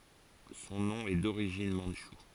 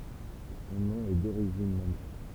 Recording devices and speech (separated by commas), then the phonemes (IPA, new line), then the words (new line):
forehead accelerometer, temple vibration pickup, read sentence
sɔ̃ nɔ̃ ɛ doʁiʒin mɑ̃dʃu
Son nom est d'origine mandchoue.